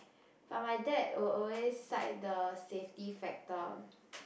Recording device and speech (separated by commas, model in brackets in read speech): boundary microphone, conversation in the same room